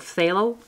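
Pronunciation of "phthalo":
'Phthalo' starts with something like an f sound, but not quite a full f.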